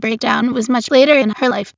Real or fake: fake